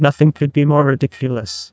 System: TTS, neural waveform model